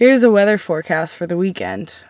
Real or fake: real